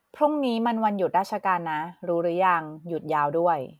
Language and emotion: Thai, neutral